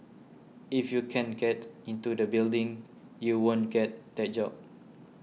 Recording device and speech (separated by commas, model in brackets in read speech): mobile phone (iPhone 6), read sentence